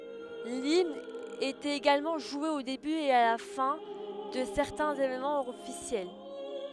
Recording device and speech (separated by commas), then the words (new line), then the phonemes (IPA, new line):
headset microphone, read sentence
L'hymne était également joué au début et la fin de certains événements officiels.
limn etɛt eɡalmɑ̃ ʒwe o deby e la fɛ̃ də sɛʁtɛ̃z evenmɑ̃z ɔfisjɛl